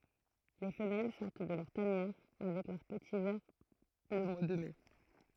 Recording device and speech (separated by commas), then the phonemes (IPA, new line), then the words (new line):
throat microphone, read sentence
le fəmɛl sɔʁt də lœʁ tanjɛʁ avɛk lœʁ pəti vɛʁ lə mwa də mɛ
Les femelles sortent de leur tanière avec leurs petits vers le mois de mai.